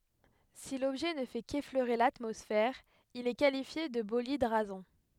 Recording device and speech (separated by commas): headset microphone, read sentence